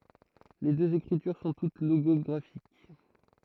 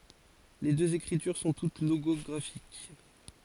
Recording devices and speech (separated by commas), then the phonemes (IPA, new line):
throat microphone, forehead accelerometer, read sentence
le døz ekʁityʁ sɔ̃ tut loɡɔɡʁafik